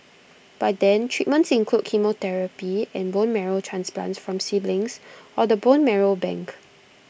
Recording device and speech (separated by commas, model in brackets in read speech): boundary microphone (BM630), read sentence